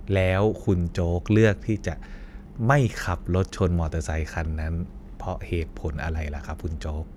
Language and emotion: Thai, neutral